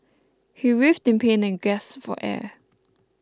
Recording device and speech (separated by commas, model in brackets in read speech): close-talking microphone (WH20), read sentence